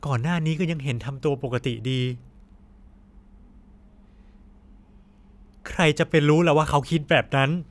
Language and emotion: Thai, sad